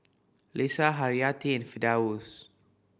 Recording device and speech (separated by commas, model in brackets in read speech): boundary microphone (BM630), read sentence